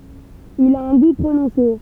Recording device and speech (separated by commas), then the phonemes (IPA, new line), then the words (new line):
temple vibration pickup, read sentence
il a œ̃ ɡu pʁonɔ̃se
Il a un goût prononcé.